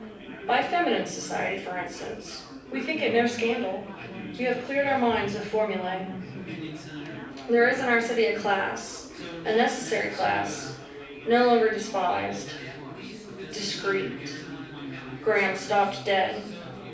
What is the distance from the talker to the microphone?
5.8 m.